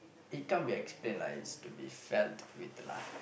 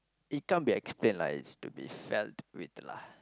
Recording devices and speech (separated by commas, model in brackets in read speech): boundary microphone, close-talking microphone, conversation in the same room